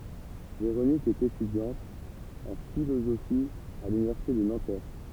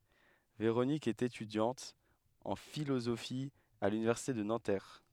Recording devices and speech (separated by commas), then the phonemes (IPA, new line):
temple vibration pickup, headset microphone, read sentence
veʁonik ɛt etydjɑ̃t ɑ̃ filozofi a lynivɛʁsite də nɑ̃tɛʁ